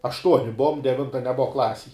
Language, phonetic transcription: Lithuanian, ašˈtuoni ˈbuvom deˈvinta neˈbuva ˈklasėj

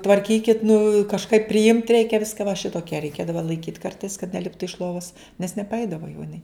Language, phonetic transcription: Lithuanian, tvarˈkykit nu kažˈkaip priˈimt ˈreikia ˈviska va ˈšitokie reiˈkėdava laiˈkyt ˈkartais kad neˈliptu iš ˈlovas nes nepaˈeidavo jau iˈnai

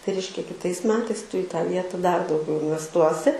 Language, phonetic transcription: Lithuanian, tai ˈreiškia kiˈtais ˈmetais ˈtu i tą ˈvieta dar dauˈgiau invesˈtuosi

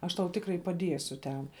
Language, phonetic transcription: Lithuanian, ˈaš tau ˈtikrai paˈdiesiu ten

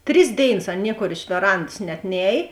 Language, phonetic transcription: Lithuanian, ˈtris ˈdėiˌnas ˈan ˈniekor iš veˈrands net ˈnēj

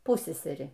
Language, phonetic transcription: Lithuanian, ˈpusseseri

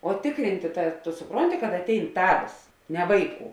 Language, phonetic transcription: Lithuanian, o tikˈrintė ta tu suˈpronti kad aˈtein ˈtavės ne ˈvaiˌkų

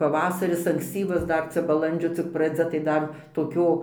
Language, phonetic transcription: Lithuanian, paˈvasaris anksˈcyvas ˈdar ˈcia baˈlandžio cik praˈdzia tai ˈdar toˈkio

